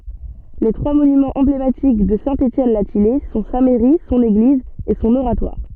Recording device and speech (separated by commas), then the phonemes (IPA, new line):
soft in-ear microphone, read sentence
le tʁwa monymɑ̃z ɑ̃blematik də sɛ̃ etjɛn la tijɛj sɔ̃ sa mɛʁi sɔ̃n eɡliz e sɔ̃n oʁatwaʁ